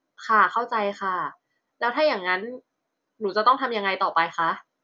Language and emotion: Thai, frustrated